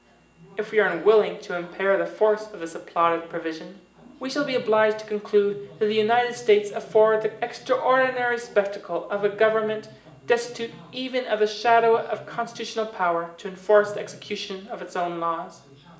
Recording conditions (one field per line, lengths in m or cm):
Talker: one person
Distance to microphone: 1.8 m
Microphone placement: close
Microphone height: 1.0 m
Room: large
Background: television